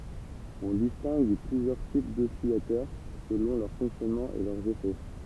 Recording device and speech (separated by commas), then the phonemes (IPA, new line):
temple vibration pickup, read sentence
ɔ̃ distɛ̃ɡ plyzjœʁ tip dɔsilatœʁ səlɔ̃ lœʁ fɔ̃ksjɔnmɑ̃ e lœʁz efɛ